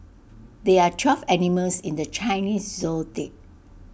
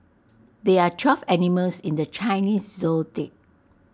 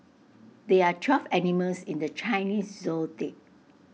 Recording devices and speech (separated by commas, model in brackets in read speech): boundary microphone (BM630), standing microphone (AKG C214), mobile phone (iPhone 6), read sentence